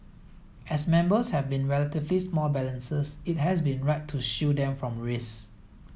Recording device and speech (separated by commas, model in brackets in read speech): mobile phone (iPhone 7), read sentence